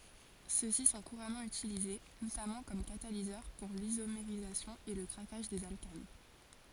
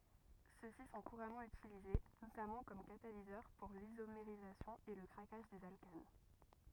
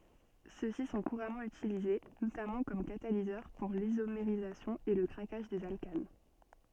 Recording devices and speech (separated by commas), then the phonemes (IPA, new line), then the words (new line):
forehead accelerometer, rigid in-ear microphone, soft in-ear microphone, read sentence
sø si sɔ̃ kuʁamɑ̃ ytilize notamɑ̃ kɔm katalizœʁ puʁ lizomeʁizasjɔ̃ e lə kʁakaʒ dez alkan
Ceux-ci sont couramment utilisés, notamment comme catalyseurs pour l’isomérisation et le craquage des alcanes.